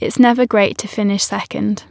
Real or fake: real